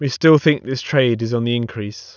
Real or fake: real